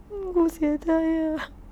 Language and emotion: Thai, sad